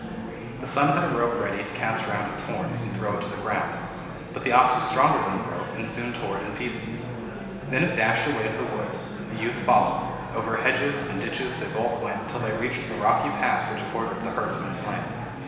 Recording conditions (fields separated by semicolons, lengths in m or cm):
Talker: one person; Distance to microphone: 1.7 m; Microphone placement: close; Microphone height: 1.0 m; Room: very reverberant, large; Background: babble